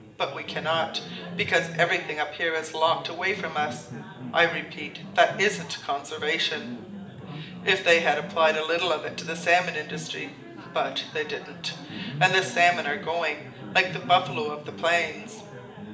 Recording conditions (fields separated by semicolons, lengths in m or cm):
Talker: one person; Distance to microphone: 1.8 m; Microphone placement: close; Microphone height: 1.0 m; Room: large; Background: babble